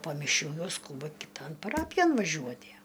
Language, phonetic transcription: Lithuanian, po miˈšių ˈjau ˈskūba kiˈton paˈrapijon vaˈžiuotie

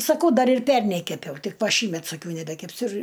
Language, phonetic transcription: Lithuanian, saˈkau ˈdar ir ˈpernei keˈpiau ˈtik ˈva ˈšįmet saˈkiau nebekepˈsiu ir

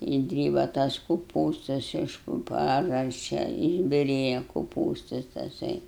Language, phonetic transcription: Lithuanian, išˈdryba tas kuˈpūstas iš pu ˈpažasčia išbiˈrėja kuˈpūstas taˈsai

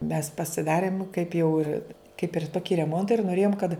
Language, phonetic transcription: Lithuanian, mes pasiˈdarim kaip jau ir kaip ir ˈtoki reˈmonta ir noˈrėjom kad

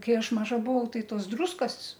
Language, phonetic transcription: Lithuanian, ˈkai ˈaš ˈmaža buˈvau ˈtai ˈtos ˈdrūskas

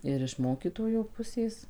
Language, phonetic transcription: Lithuanian, ir iš ˈmokytojo ˈpusės

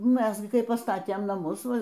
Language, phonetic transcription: Lithuanian, ˈmes gi kai paˈstatėm naˈmus ˈva

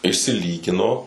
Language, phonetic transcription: Lithuanian, išsiˈlygino

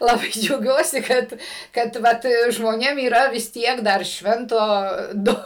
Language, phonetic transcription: Lithuanian, laˈbai džiauˈgiuosi ˈkad kad ˈvat žmoˈnėm yˈra vis ˈtiek dar ˈšvento ˈdu

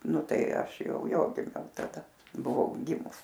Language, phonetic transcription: Lithuanian, ˈnu ˈtai ˈaš ˈjau ˈjo giˈmiau taˈda buˈvau ˈgimus

